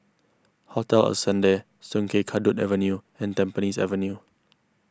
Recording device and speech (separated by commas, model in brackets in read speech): close-talking microphone (WH20), read sentence